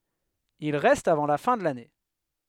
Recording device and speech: headset microphone, read sentence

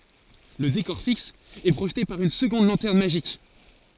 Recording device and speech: forehead accelerometer, read sentence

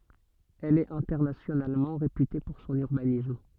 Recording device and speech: soft in-ear microphone, read sentence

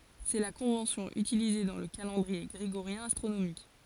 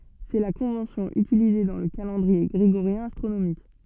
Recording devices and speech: forehead accelerometer, soft in-ear microphone, read sentence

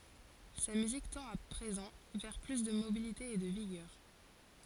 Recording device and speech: forehead accelerometer, read sentence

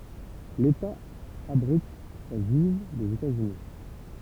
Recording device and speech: temple vibration pickup, read sentence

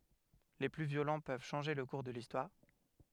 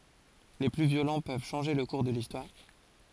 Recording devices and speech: headset microphone, forehead accelerometer, read sentence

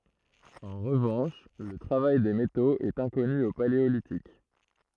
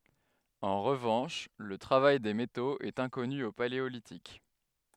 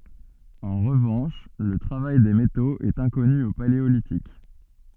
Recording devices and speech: throat microphone, headset microphone, soft in-ear microphone, read sentence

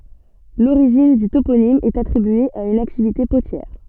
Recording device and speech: soft in-ear microphone, read sentence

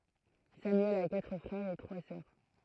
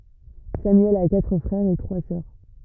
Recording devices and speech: throat microphone, rigid in-ear microphone, read sentence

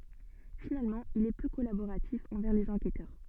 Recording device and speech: soft in-ear microphone, read sentence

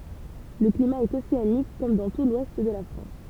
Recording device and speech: temple vibration pickup, read sentence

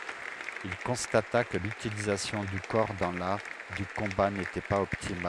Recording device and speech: headset microphone, read sentence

